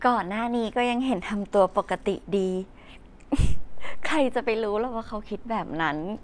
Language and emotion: Thai, happy